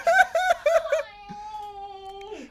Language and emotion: Thai, happy